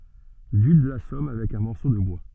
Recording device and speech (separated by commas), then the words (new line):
soft in-ear microphone, read sentence
Dude l'assomme avec un morceau de bois.